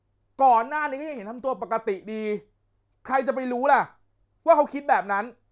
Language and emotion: Thai, angry